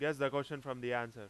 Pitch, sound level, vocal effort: 135 Hz, 95 dB SPL, very loud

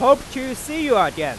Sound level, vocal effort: 104 dB SPL, very loud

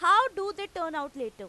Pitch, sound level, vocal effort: 345 Hz, 101 dB SPL, very loud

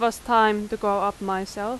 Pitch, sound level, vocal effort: 210 Hz, 89 dB SPL, loud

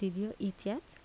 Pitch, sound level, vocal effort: 200 Hz, 77 dB SPL, soft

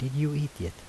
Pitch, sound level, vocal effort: 140 Hz, 77 dB SPL, soft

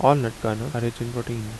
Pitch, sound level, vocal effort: 120 Hz, 78 dB SPL, normal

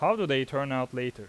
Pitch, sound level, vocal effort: 130 Hz, 92 dB SPL, loud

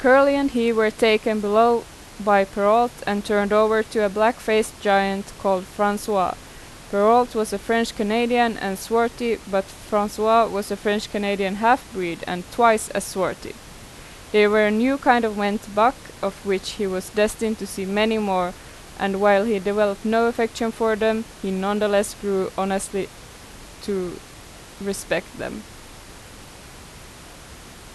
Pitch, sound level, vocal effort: 205 Hz, 87 dB SPL, loud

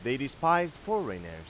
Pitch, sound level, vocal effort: 140 Hz, 97 dB SPL, loud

